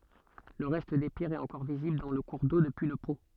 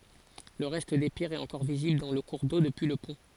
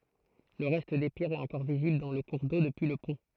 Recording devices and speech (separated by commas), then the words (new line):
soft in-ear microphone, forehead accelerometer, throat microphone, read sentence
Le reste des pierres est encore visible dans le cours d'eau, depuis le pont.